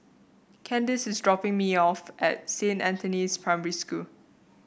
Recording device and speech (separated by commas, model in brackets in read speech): boundary microphone (BM630), read sentence